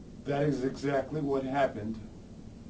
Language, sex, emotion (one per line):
English
male
neutral